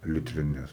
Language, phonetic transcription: Lithuanian, litriˈnes

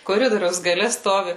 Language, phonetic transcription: Lithuanian, koˈridoriaus gaˈle ˈstovi

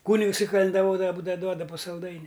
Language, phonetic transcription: Lithuanian, ˈkūnigs i kalendaˈvodava ˈbūdava ˈduoda pu salˈdaini

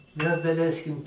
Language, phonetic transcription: Lithuanian, mes daˈleiskim

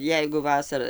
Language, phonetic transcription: Lithuanian, ˈjeigu ˈvasara

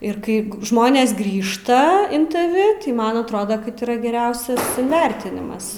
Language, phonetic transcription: Lithuanian, ir ˈkai ˈžmonės ˈgrįžta in taˈvi ˈtai ˈman atˈrodo kad yˈra geˈriausias inˈvertinimas

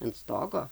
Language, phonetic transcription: Lithuanian, ant ˈstogo

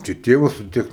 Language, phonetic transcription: Lithuanian, čia ˈtėvas su ˈtiek

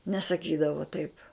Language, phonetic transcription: Lithuanian, nesaˈkydavo taip

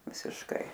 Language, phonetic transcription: Lithuanian, visišˈkai

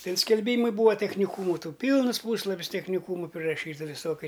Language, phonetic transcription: Lithuanian, ˈtin skelˈbymai ˈbūva techniˈkūmu ˈtų ˈpylnɨs ˈpūslapis techniˈkūmu priraˈšyta viˈsokia

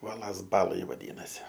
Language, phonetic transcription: Lithuanian, ˈuolas ˈbalaj vaˈdynasi

